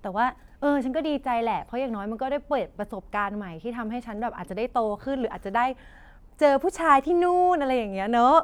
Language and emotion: Thai, happy